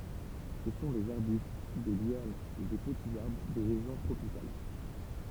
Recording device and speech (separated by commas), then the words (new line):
temple vibration pickup, read sentence
Ce sont des arbustes, des lianes ou des petits arbres des régions tropicales.